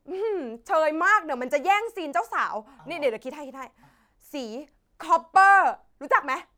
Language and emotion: Thai, happy